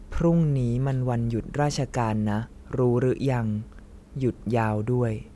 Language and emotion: Thai, neutral